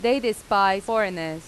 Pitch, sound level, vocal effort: 205 Hz, 90 dB SPL, loud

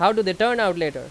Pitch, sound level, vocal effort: 195 Hz, 94 dB SPL, very loud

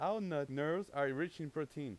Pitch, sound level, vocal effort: 155 Hz, 93 dB SPL, loud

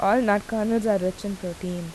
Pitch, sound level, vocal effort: 200 Hz, 83 dB SPL, normal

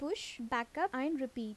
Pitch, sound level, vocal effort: 260 Hz, 81 dB SPL, normal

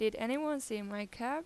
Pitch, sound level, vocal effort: 230 Hz, 89 dB SPL, normal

